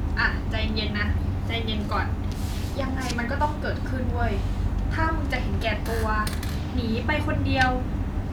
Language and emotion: Thai, neutral